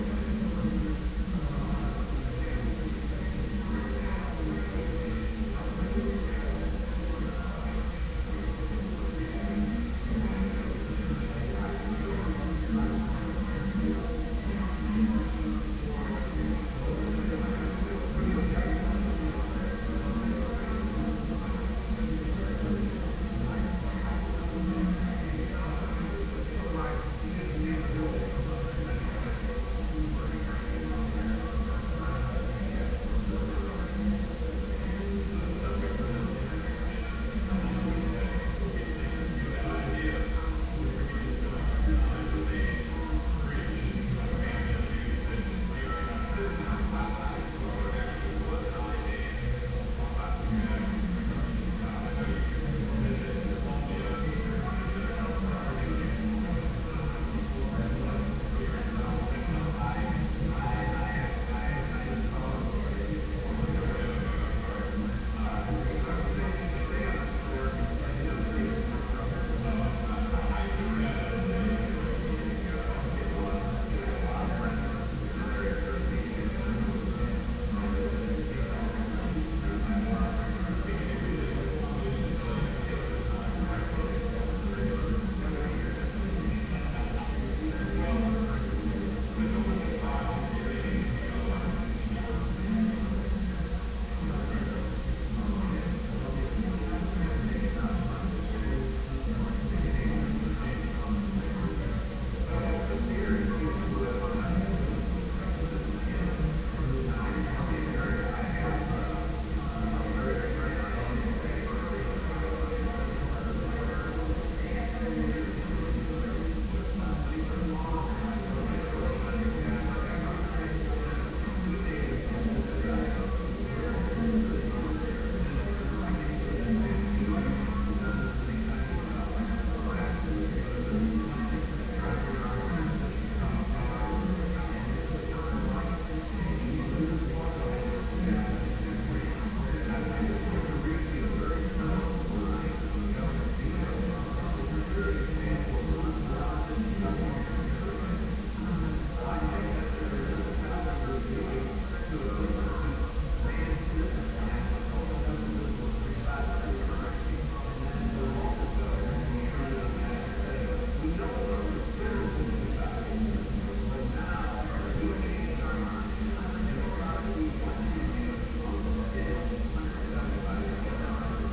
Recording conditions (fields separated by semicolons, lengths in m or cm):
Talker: no one; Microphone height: 1.1 m; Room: very reverberant, large; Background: babble